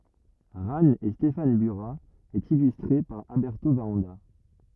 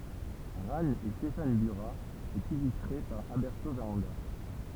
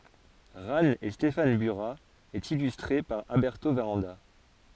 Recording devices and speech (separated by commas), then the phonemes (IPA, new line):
rigid in-ear microphone, temple vibration pickup, forehead accelerometer, read sentence
ʁan e stefan byʁa e ilystʁe paʁ albɛʁto vaʁɑ̃da